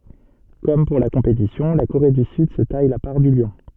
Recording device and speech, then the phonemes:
soft in-ear microphone, read sentence
kɔm puʁ la kɔ̃petisjɔ̃ la koʁe dy syd sə taj la paʁ dy ljɔ̃

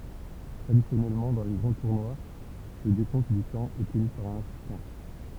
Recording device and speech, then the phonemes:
temple vibration pickup, read sentence
tʁadisjɔnɛlmɑ̃ dɑ̃ le ɡʁɑ̃ tuʁnwa lə dekɔ̃t dy tɑ̃ ɛ təny paʁ œ̃n asistɑ̃

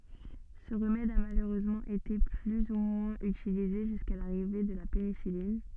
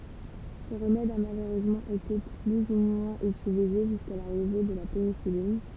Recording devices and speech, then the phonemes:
soft in-ear microphone, temple vibration pickup, read sentence
sə ʁəmɛd a maløʁøzmɑ̃ ete ply u mwɛ̃z ytilize ʒyska laʁive də la penisilin

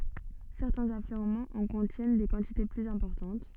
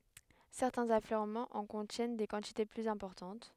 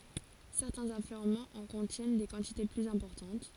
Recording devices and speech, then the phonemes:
soft in-ear microphone, headset microphone, forehead accelerometer, read sentence
sɛʁtɛ̃z afløʁmɑ̃z ɑ̃ kɔ̃tjɛn de kɑ̃tite plyz ɛ̃pɔʁtɑ̃t

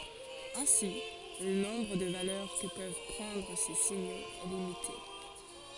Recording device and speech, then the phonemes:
forehead accelerometer, read sentence
ɛ̃si lə nɔ̃bʁ də valœʁ kə pøv pʁɑ̃dʁ se siɲoz ɛ limite

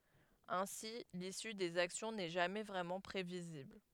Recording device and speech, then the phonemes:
headset microphone, read sentence
ɛ̃si lisy dez aksjɔ̃ nɛ ʒamɛ vʁɛmɑ̃ pʁevizibl

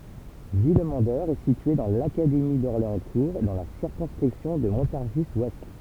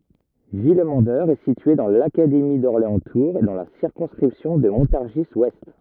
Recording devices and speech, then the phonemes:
temple vibration pickup, rigid in-ear microphone, read sentence
vilmɑ̃dœʁ ɛ sitye dɑ̃ lakademi dɔʁleɑ̃stuʁz e dɑ̃ la siʁkɔ̃skʁipsjɔ̃ də mɔ̃taʁʒizwɛst

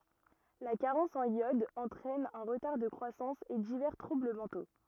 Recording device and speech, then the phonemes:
rigid in-ear microphone, read sentence
la kaʁɑ̃s ɑ̃n jɔd ɑ̃tʁɛn œ̃ ʁətaʁ də kʁwasɑ̃s e divɛʁ tʁubl mɑ̃to

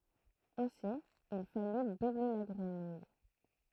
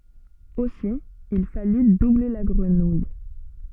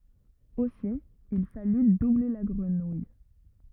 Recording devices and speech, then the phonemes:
throat microphone, soft in-ear microphone, rigid in-ear microphone, read sentence
osi il faly duble la ɡʁənuj

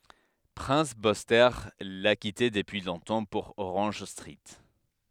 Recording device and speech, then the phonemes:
headset microphone, read sentence
pʁɛ̃s byste la kite dəpyi lɔ̃tɑ̃ puʁ oʁɑ̃ʒ stʁit

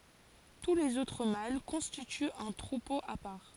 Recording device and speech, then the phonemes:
forehead accelerometer, read sentence
tu lez otʁ mal kɔ̃stityt œ̃ tʁupo a paʁ

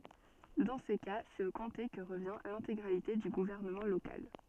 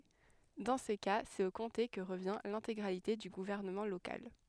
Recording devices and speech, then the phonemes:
soft in-ear microphone, headset microphone, read sentence
dɑ̃ sə ka sɛt o kɔ̃te kə ʁəvjɛ̃ lɛ̃teɡʁalite dy ɡuvɛʁnəmɑ̃ lokal

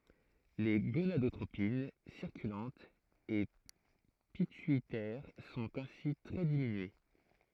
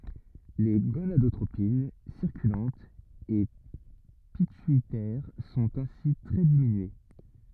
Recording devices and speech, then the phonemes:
throat microphone, rigid in-ear microphone, read sentence
le ɡonadotʁopin siʁkylɑ̃tz e pityitɛʁ sɔ̃t ɛ̃si tʁɛ diminye

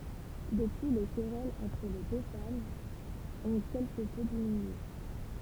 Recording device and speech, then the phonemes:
temple vibration pickup, read sentence
dəpyi le kʁɛlz ɑ̃tʁ le dø famz ɔ̃ kɛlkə pø diminye

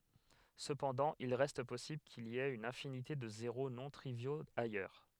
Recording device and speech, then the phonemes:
headset microphone, read sentence
səpɑ̃dɑ̃ il ʁɛst pɔsibl kil i ɛt yn ɛ̃finite də zeʁo nɔ̃ tʁivjoz ajœʁ

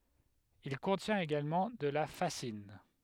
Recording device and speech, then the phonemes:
headset microphone, read sentence
il kɔ̃tjɛ̃t eɡalmɑ̃ də la fazin

